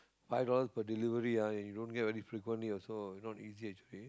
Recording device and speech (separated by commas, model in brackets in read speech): close-talking microphone, conversation in the same room